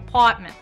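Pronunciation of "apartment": In 'apartment', no t sound is heard, and the whole word is said through the nose.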